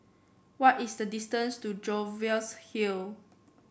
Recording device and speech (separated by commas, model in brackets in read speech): boundary microphone (BM630), read sentence